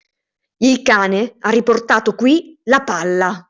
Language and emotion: Italian, angry